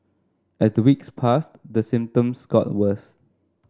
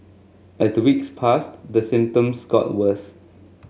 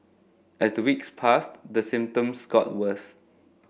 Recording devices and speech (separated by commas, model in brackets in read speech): standing microphone (AKG C214), mobile phone (Samsung S8), boundary microphone (BM630), read sentence